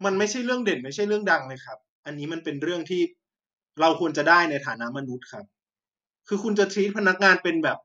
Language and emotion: Thai, angry